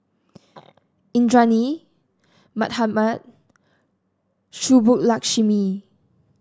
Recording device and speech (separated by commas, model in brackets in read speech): standing microphone (AKG C214), read sentence